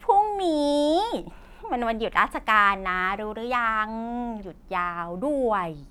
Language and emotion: Thai, frustrated